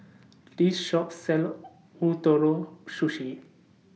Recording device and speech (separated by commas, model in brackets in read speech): mobile phone (iPhone 6), read sentence